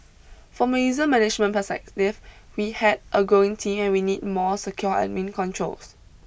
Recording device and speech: boundary microphone (BM630), read sentence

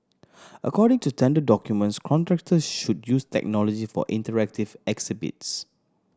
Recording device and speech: standing microphone (AKG C214), read sentence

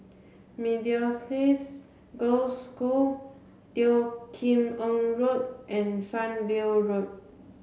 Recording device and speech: mobile phone (Samsung C7), read sentence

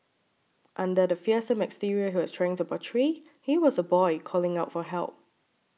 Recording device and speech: mobile phone (iPhone 6), read sentence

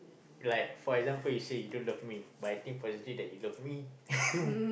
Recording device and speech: boundary microphone, conversation in the same room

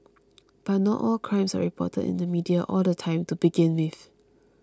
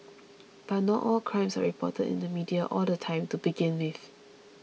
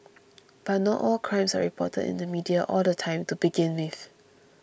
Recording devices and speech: close-talking microphone (WH20), mobile phone (iPhone 6), boundary microphone (BM630), read sentence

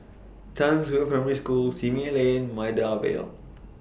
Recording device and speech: boundary microphone (BM630), read sentence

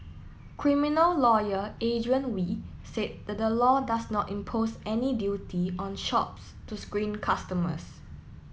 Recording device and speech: mobile phone (iPhone 7), read sentence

